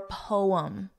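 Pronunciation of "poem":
'Poem' is said with two syllables here, not as one syllable.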